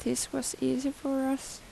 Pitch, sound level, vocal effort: 270 Hz, 82 dB SPL, soft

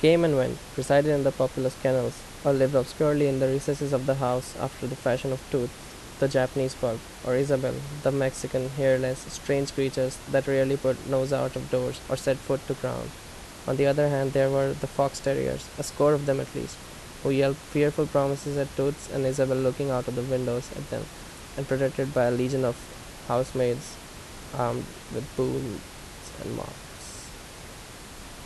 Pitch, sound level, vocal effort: 135 Hz, 81 dB SPL, loud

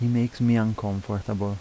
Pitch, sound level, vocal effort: 105 Hz, 80 dB SPL, soft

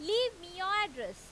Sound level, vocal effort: 97 dB SPL, very loud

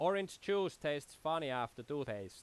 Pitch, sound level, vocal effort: 145 Hz, 93 dB SPL, very loud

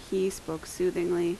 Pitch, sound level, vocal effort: 175 Hz, 80 dB SPL, normal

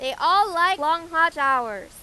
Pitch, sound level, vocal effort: 325 Hz, 104 dB SPL, very loud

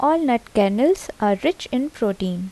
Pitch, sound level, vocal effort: 245 Hz, 79 dB SPL, soft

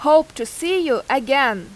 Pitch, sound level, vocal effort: 275 Hz, 91 dB SPL, very loud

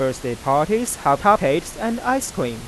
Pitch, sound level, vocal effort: 150 Hz, 93 dB SPL, normal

